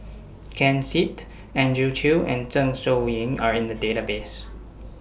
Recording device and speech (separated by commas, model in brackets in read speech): boundary microphone (BM630), read sentence